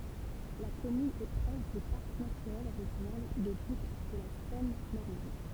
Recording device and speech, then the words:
temple vibration pickup, read sentence
La commune est proche du parc naturel régional des Boucles de la Seine normande.

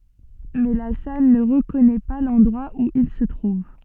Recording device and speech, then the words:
soft in-ear microphone, read sentence
Mais La Salle ne reconnaît pas l’endroit où il se trouve.

